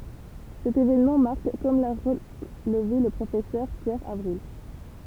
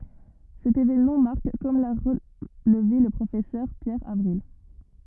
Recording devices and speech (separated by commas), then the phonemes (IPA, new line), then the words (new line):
temple vibration pickup, rigid in-ear microphone, read sentence
sɛt evenmɑ̃ maʁk kɔm la ʁəlve lə pʁofɛsœʁ pjɛʁ avʁil
Cet événement marque comme l'a relevé le Professeur Pierre Avril.